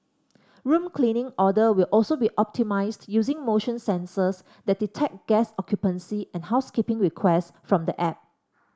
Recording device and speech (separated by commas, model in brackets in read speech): standing microphone (AKG C214), read sentence